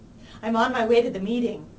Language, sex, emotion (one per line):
English
female
neutral